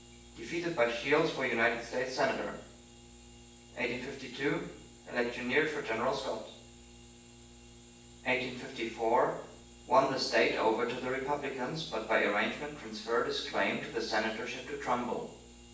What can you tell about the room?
A spacious room.